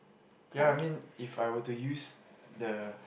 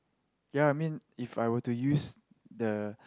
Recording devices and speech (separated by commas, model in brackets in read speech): boundary microphone, close-talking microphone, conversation in the same room